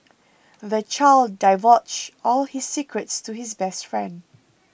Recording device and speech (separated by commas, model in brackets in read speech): boundary microphone (BM630), read sentence